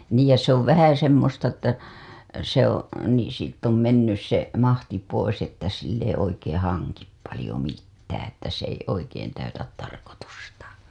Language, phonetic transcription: Finnish, 'niij ja se ‿ov 'vähä semmosta ‿ttä , se ‿oo̰ , nii siitt ‿om 'mennys se , 'mahti pois että sill ‿ei oikeeḛ 'haŋkip palĭjo mittää ‿ttä s ‿ei 'oikeen täytät 'tarkotustAA .
- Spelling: niin ja se on vähän semmoista että se on niin siitä on mennyt se mahti pois että sillä ei oikein hanki paljon mitään että se ei oikein täytä tarkoitustaan

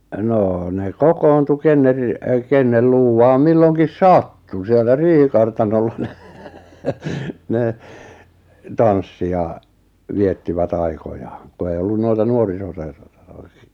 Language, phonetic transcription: Finnish, 'noo , ne "kokoontu 'kenner ri- , 'kennel luuwaam 'milloŋkis "sattu siellä 'riihikartanolla ɴᴇ , ne , 'tanssi ja , 'viettivä't ‿aikojaaᵑ , ku ei 'ollun 'noita 'nuorisoseur- r- r- .
- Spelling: no ne kokoontui kenen - kenen luuvaan milloinkin sattui siellä riihikartanolla no ne tanssi ja viettivät aikojaan kun ei ollut noita - - -

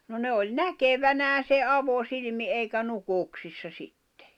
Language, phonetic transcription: Finnish, no 'ne oĺ "näkevänää se "’avosilⁱmi '’eikä 'nukùksissa sittᴇ .
- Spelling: no ne oli näkevinään sen avosilmin eikä nukuksissa sitten

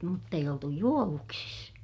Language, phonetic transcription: Finnish, mutt ‿eij ‿oltu juovuksis .
- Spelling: mutta ei oltu juovuksissa

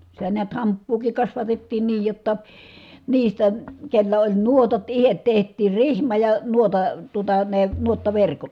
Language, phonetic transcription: Finnish, sitä niät hamppuukik kasvatettiin niij jotta , niistä , kellä oĺ nuotat ihet teht̀iir rihma ja , nuota- , tuota ne , nuottaverkot .
- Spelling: sitä näet hamppuakin kasvatettiin niin jotta niistä kenellä oli nuotat itse tehtiin rihma ja - tuota ne nuottaverkot

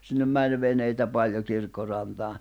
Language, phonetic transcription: Finnish, ja , sinnem 'mäń 'veneitä 'paĺjo kirkkorantaa ,.
- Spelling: ja sinne meni veneitä paljon kirkkorantaan

